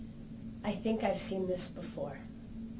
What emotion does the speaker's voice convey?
neutral